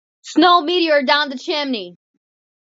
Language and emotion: English, neutral